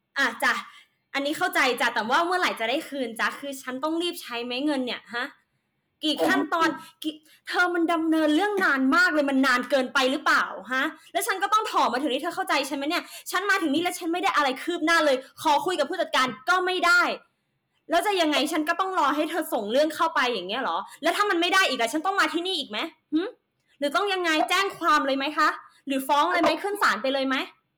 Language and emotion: Thai, angry